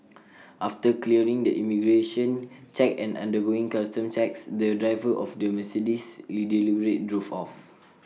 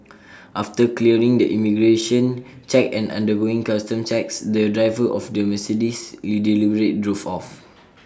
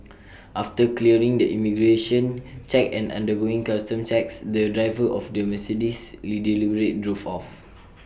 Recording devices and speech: mobile phone (iPhone 6), standing microphone (AKG C214), boundary microphone (BM630), read sentence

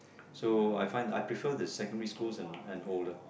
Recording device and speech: boundary microphone, conversation in the same room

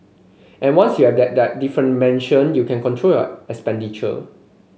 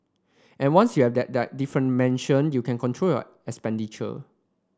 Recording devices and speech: mobile phone (Samsung C5), standing microphone (AKG C214), read sentence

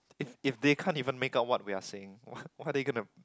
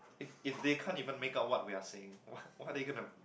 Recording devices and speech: close-talking microphone, boundary microphone, conversation in the same room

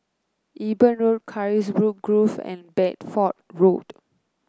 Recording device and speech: close-talking microphone (WH30), read sentence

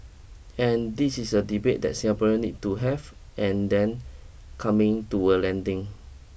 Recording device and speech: boundary microphone (BM630), read sentence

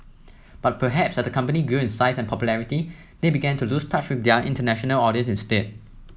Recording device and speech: mobile phone (iPhone 7), read sentence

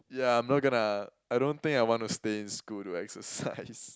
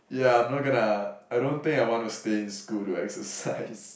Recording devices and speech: close-talking microphone, boundary microphone, conversation in the same room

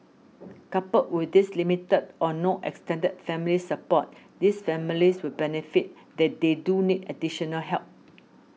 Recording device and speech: mobile phone (iPhone 6), read sentence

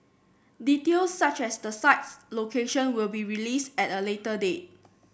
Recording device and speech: boundary microphone (BM630), read sentence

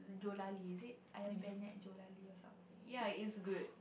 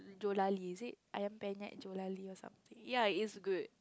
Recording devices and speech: boundary microphone, close-talking microphone, conversation in the same room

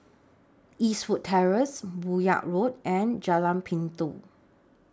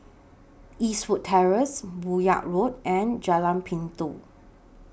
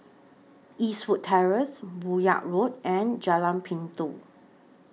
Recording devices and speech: standing microphone (AKG C214), boundary microphone (BM630), mobile phone (iPhone 6), read sentence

